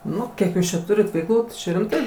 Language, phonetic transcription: Lithuanian, ˈnu ˈkiek ˈjūs čia ˈturit veikˈlų tai ˈčia rimˈtai

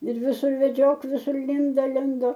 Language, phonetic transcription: Lithuanian, ir viˈsur veˈdžiok viˈsur ˈlindo ˈlindo

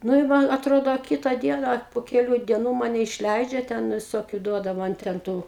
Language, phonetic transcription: Lithuanian, ˈnu i ˈman atˈrodo a ˈkyta ˈdiena a pu keˈlių dieˈnų ˈmane išˈleidžia ˈten viˈsokiu ˈduoda ˈman ten ˈtu

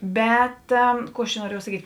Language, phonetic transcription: Lithuanian, ˈbet ˈkų aš čia nuoˈriejau saˈkyt'

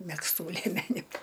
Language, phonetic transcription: Lithuanian, megzˈtų lėˈmeniu

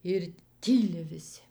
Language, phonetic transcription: Lithuanian, ir ˈtyli viˈsi

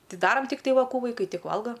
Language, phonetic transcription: Lithuanian, ˈtai ˈdaram tikˈtai ˈva ˈkų vaiˈkai ˈtik ˈvalga

